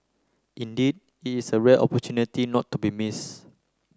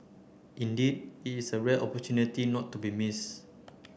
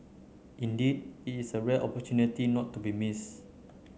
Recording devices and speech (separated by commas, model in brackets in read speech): close-talking microphone (WH30), boundary microphone (BM630), mobile phone (Samsung C9), read sentence